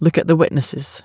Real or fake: real